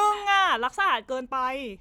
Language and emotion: Thai, frustrated